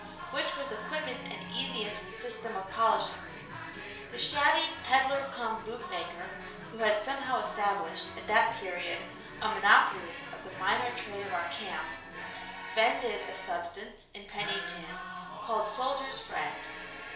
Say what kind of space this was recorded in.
A small space (about 3.7 m by 2.7 m).